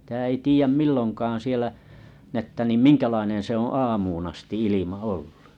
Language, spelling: Finnish, sitä ei tiedä milloinkaan siellä niin että niin minkälainen se on aamuun asti ilma olla
- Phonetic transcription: ʿˢⁱʾtä ei 'tiijäm 'milloŋkaaa̰ siellä , n ‿että nim "miŋkälaineḛ se oo̰ "aamuun asti 'ilima 'oll(ᴀ) .

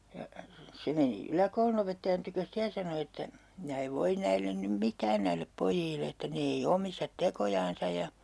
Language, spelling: Finnish, ja se meni yläkoulunopettajan tykö sitten ja sanoi että minä en voi näille nyt mitään näille pojille että ne ei omista tekojansa ja
- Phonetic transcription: ja , 'se meni , 'yläkoulunopettajan tykös "ste ja sano että » 'minä ev 'voin näillen nym "mit̀ään näillep 'pojiille » että » 'ne ei 'omistat 'tekojaansa » ja ,.

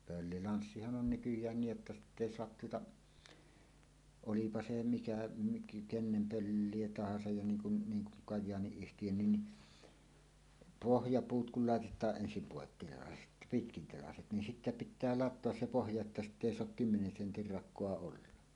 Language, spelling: Finnish, pöllilanssihan on nykyään niin jotta sitten ei saa tuota olipa se mikä - kenen pölliä tahansa ja niin kuin niin kuin Kajaani-yhtiönkin niin pohjapuut kun laitetaan ensin poikkitelaiset pitkätelaiset niin sitten pitää latoa se pohja että sitten ei saa kymmenen sentin rakoa olla
- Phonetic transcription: 'pöllilanssihan 'on "nykyj̀ään 'niij jotta "sitt ‿èi 'soat tuota , "olipa 'se 'mikä mik- "kennem "pöllie tahasaj ja 'niiŋ kun , 'niiŋ kuŋ "kaj̆jaani₍yhtijönnin ni , "pohjapuut kul làetet̀aaˀ 'ˀensim 'pòekkitelaset , "pitkintelaset nin sittä pĭttää "lat̆toas 'se "pohja että "sitt ‿èi 'soak "kymmenen 'sentir 'rak̆koa olla .

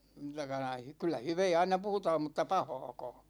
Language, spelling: Finnish, tai noin kyllä hyvää aina puhutaan mutta pahaakaan
- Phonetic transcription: (taikka noi) , kyllä "hyvɛɛ 'aina 'puhutaam mutta "pahååkåå .

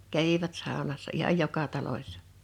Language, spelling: Finnish, kävivät saunassa ihan joka talossa
- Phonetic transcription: 'kävivät 'sàonassa ihaj "joka 'talośsᴀ .

